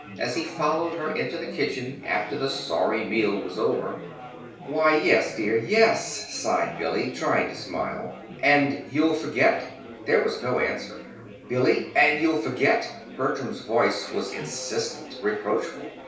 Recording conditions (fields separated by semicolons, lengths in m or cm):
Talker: one person; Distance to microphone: 3.0 m; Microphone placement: far; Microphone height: 1.8 m; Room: small (3.7 m by 2.7 m); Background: babble